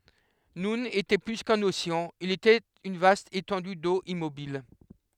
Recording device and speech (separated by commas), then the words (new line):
headset microphone, read sentence
Noun était plus qu'un océan, il était une vaste étendue d'eau immobile.